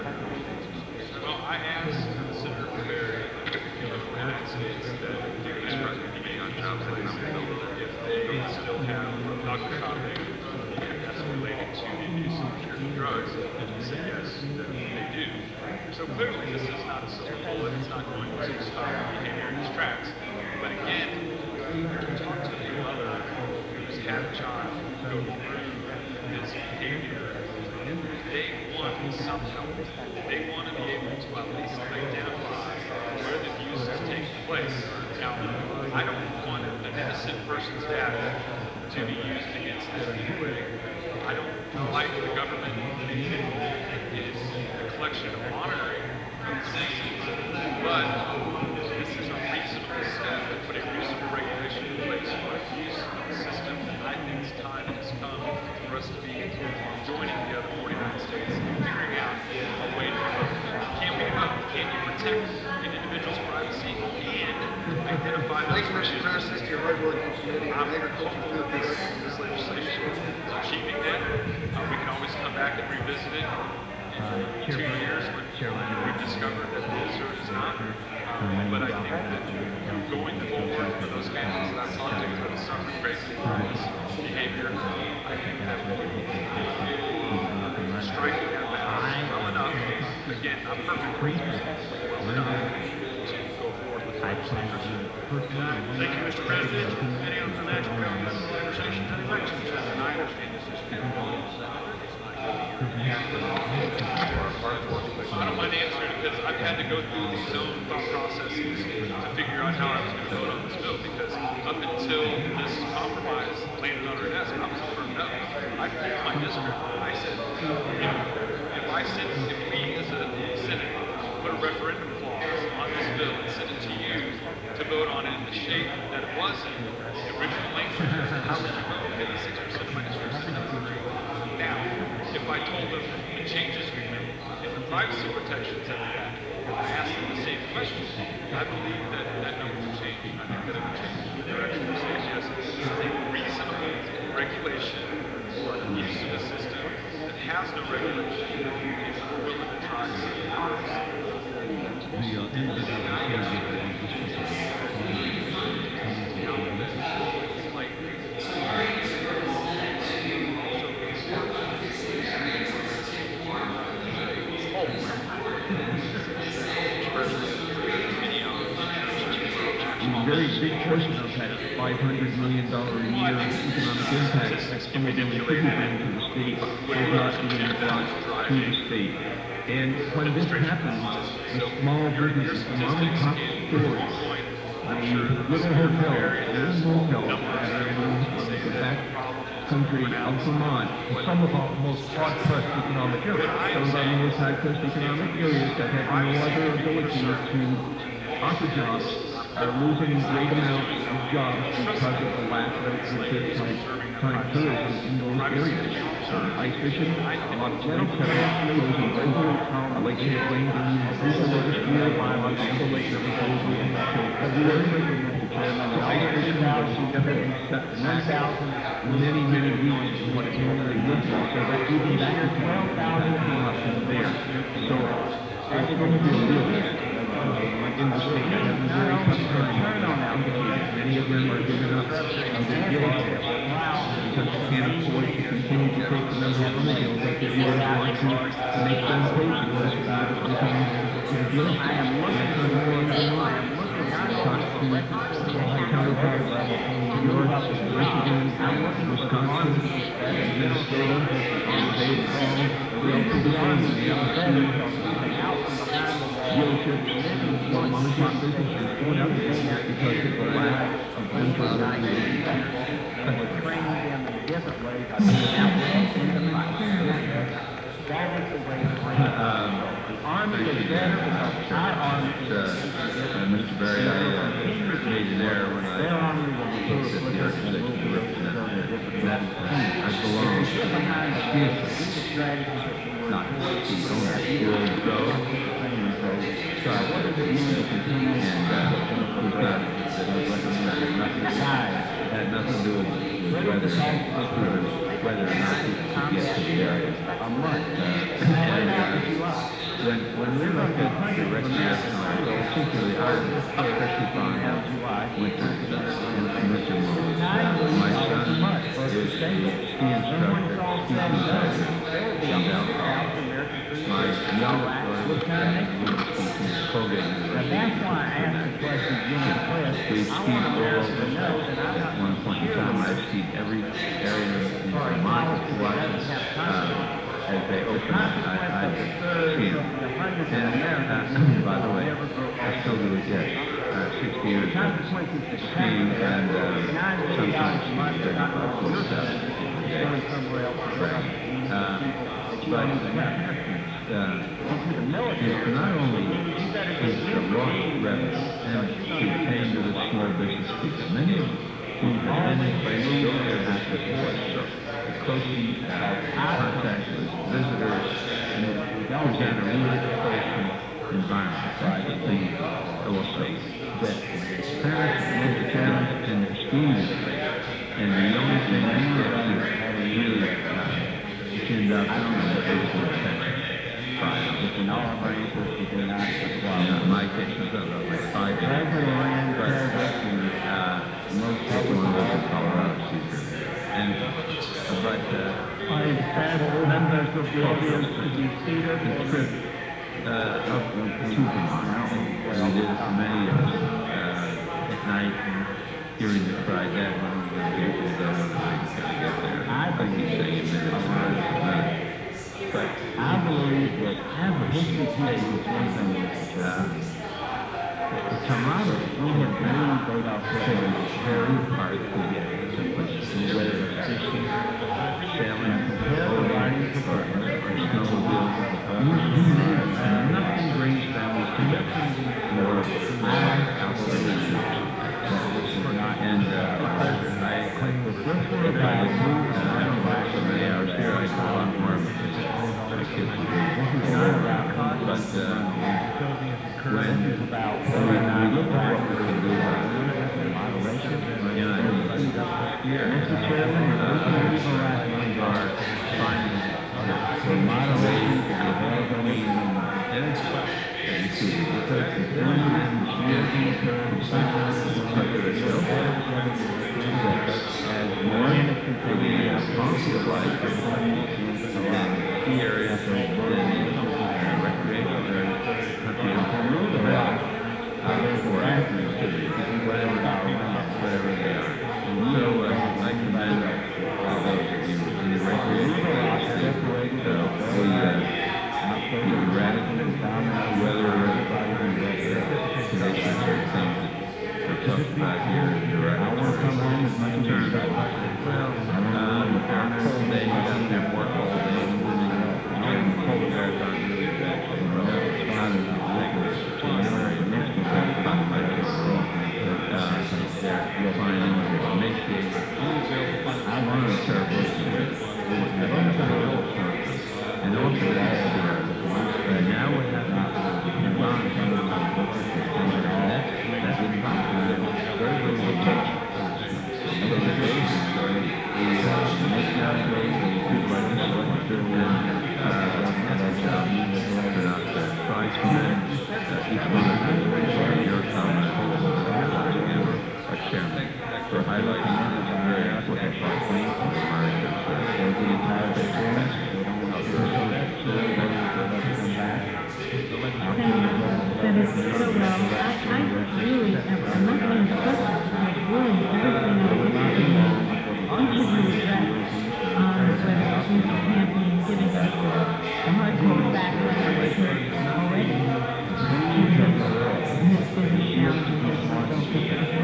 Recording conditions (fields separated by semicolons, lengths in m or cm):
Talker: no one; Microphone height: 1.1 m; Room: very reverberant, large; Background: babble